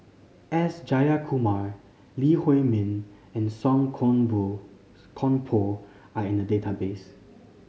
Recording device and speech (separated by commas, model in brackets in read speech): mobile phone (Samsung C5010), read sentence